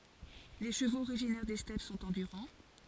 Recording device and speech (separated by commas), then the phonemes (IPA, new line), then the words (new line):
forehead accelerometer, read sentence
le ʃəvoz oʁiʒinɛʁ de stɛp sɔ̃t ɑ̃dyʁɑ̃
Les chevaux originaires des steppes sont endurants.